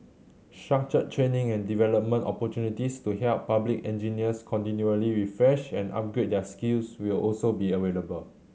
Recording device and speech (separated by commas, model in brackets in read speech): mobile phone (Samsung C7100), read sentence